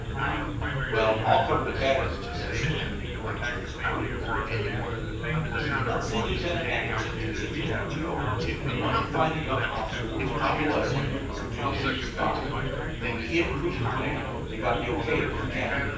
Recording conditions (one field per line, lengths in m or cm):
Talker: one person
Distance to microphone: 9.8 m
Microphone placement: far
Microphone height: 1.8 m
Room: large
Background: babble